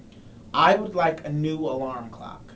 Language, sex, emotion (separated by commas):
English, male, neutral